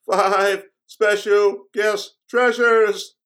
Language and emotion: English, fearful